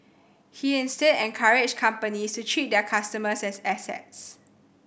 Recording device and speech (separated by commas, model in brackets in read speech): boundary microphone (BM630), read sentence